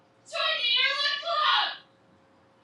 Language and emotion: English, surprised